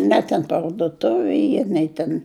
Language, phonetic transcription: Lithuanian, ˈne ten parduˈtuvi ˈy ˈnei ten

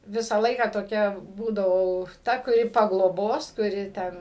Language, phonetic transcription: Lithuanian, ˈvisą ˈlaiką toˈkia ˈbūdavau ˈta kuˈri pagloˈbos kuˈri ˈten

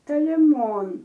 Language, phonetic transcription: Lithuanian, toliˈmon

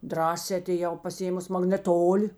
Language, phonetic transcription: Lithuanian, ˈdrąsē atėˈjau pasiˈėmus magneˈtoli

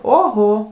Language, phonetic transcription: Lithuanian, oˈho

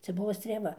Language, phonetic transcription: Lithuanian, ˈcia ˈbuvo strėˈva

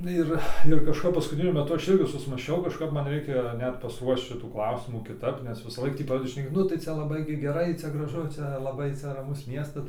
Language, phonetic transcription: Lithuanian, ˈir ir kažˈkap paskutiˈniu meˈtu ˈaš ˈirgi susmąsˈčiau kažˈkap ˈman ˈreikia ˈnet pasˈruošč ˈšitų ˈklausimų kiˈtap nes visąˈlaik tį ˈpradedi šneˈkė ˈnu tai ˈcia laˈbai gi geˈrai ˈcia graˈžu ˈčia laˈbai ˈcia raˈmus ˈmiestas

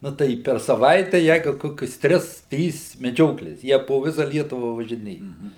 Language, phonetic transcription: Lithuanian, ˈnu tai per saˈvaitę ˈjeigu ˈkokius ˈtris ˈtrys meˈdžioklės ˈjie po ˈvisa ˈlietuva važiˈnėja

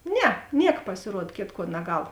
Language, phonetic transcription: Lithuanian, ˈne ˈniek pasiˈruod ˈkėtˌkuo naˈgal

